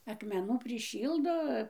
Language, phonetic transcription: Lithuanian, akmeˈnų priˈšyldo

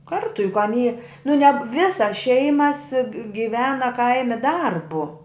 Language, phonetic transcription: Lithuanian, ˈkartu juk aˈny nu ne ˈvisas ˈšeimas giˈvena ˈkaimi ˈdarbu

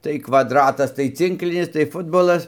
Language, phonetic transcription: Lithuanian, tai kvadˈratas tai ˈcinklinis tai ˈfutbolas

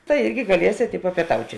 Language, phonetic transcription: Lithuanian, tai ˈirgi gaˈliesėt i papieˈtauti

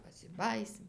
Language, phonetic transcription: Lithuanian, pasiˈbajysim

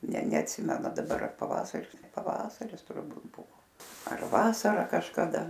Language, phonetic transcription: Lithuanian, ne neatˈsimenu daˈbar ar paˈvasaris paˈvasaris turˈbūt ˈbuvo ar ˈvasara kažkaˈda

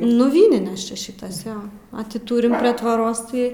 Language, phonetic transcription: Lithuanian, nu ˈvyninės ˈčia ˈšitas ˈjo a ˈti ˈtūrim prie tvoˈros tai

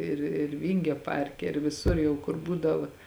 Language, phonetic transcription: Lithuanian, ir ir ˈvingio ˈparke ir viˈsur jau ˈkur ˈbūdava

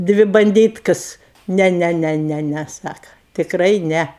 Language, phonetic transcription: Lithuanian, ˈdvi banˈdytkas ˈne ˈne ˈne ˈne ne ˈsaka tikˈrai ˈne

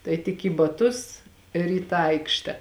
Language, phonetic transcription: Lithuanian, tai tik į baˈtus ir į ˈtą ˈaikšte

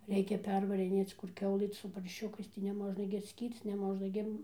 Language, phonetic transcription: Lithuanian, ˈreikia ˈpervarinėc kur ˈkiaulɨ su parˈšiukais tai neˈmožna gi atˈskyrc neˈmožna gi

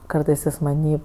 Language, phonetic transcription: Lithuanian, ˈkartɜs ˈjis maˈnį

